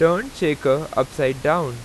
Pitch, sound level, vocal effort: 150 Hz, 92 dB SPL, loud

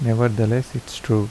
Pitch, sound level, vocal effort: 120 Hz, 77 dB SPL, soft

